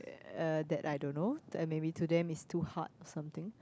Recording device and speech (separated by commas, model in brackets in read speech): close-talking microphone, conversation in the same room